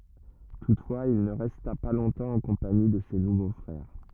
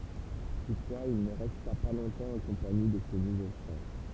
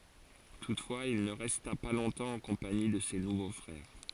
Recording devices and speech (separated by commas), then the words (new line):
rigid in-ear microphone, temple vibration pickup, forehead accelerometer, read sentence
Toutefois il ne resta pas longtemps en compagnie de ses nouveaux frères.